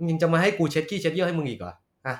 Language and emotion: Thai, angry